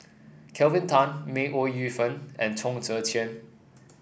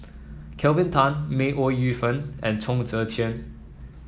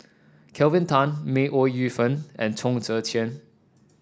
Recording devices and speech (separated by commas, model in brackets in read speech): boundary microphone (BM630), mobile phone (iPhone 7), standing microphone (AKG C214), read sentence